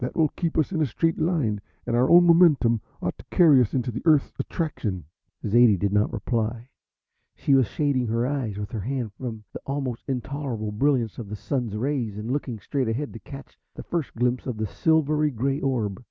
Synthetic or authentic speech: authentic